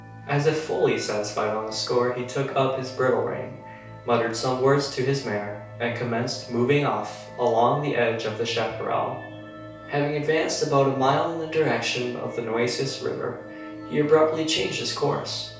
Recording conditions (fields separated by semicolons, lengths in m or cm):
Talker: one person; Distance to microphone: 3.0 m; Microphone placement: far; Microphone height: 1.8 m; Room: small (3.7 m by 2.7 m); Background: music